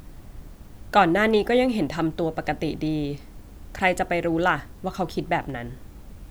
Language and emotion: Thai, neutral